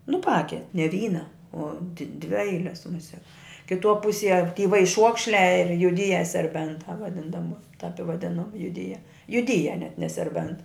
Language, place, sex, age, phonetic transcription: Lithuanian, Žemaitija, female, 60+, nu ˈpake ne ˈvyna o d dvi ˈeiles muˈsiak kiˈtuo ˈpusie ty vaiˈšuokšliā ir juˈdyje serˈbentā vaˈdin daˈba tap i vaˈdinu juˈdyje juˈdyje net ne serˈbent

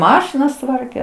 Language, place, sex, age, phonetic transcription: Lithuanian, Aukštaitija, female, 60+, ˈmašinas ˈtvarke

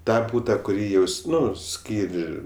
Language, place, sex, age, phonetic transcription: Lithuanian, Aukštaitija, male, 18-60, ˈtą ˈbūta kuˈrį jaus ˈnu ˈskyr'

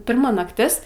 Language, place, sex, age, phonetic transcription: Lithuanian, Aukštaitija, female, 18-60, ˈpirma nakˈtis

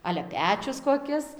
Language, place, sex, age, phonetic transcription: Lithuanian, Dzūkija, female, 18-60, ˈale ˈpečius koˈkis

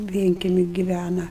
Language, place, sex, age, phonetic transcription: Lithuanian, Aukštaitija, female, 60+, ˈvienkemi giˈvæna

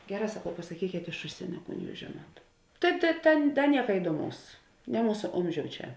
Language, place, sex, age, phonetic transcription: Lithuanian, Žemaitija, female, 18-60, ˈgeˌrā saˈkau pasaˈkykėt iš ˈužsienio ˈkūn ˈjūs ˈžėˌnuot ˈtai te ˈten ˈten ˈnieka iduoˈmaus ne ˈmūsa ˈomˌžiou ˈčia

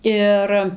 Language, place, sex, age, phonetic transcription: Lithuanian, Dzūkija, female, 18-60, ˈir

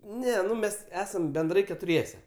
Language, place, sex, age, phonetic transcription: Lithuanian, Aukštaitija, male, 18-60, ˈne ˈnu ˈmes ˈesam benˈdrai ketuˈriese

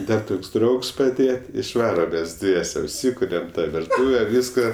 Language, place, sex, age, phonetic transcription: Lithuanian, Aukštaitija, male, 18-60, ˈdar ˈtoks ˈdraugs paˈdėje išˈvaram mes ˈdviese užˈsykuriam ta virˈtūve ˈvyska

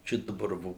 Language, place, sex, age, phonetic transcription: Lithuanian, Suvalkija, male, 60+, ˈčia daˈbar ˈvo

